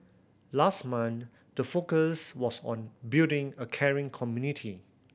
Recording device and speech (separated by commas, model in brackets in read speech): boundary microphone (BM630), read sentence